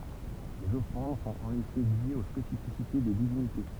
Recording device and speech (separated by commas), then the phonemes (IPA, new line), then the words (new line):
temple vibration pickup, read sentence
lez ɔfʁɑ̃d sɔ̃t ɑ̃n efɛ ljez o spesifisite de divinite
Les offrandes sont en effet liées aux spécificités des divinités.